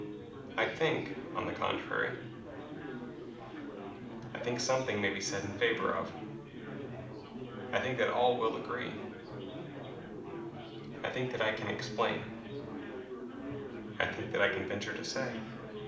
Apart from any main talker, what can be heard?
Crowd babble.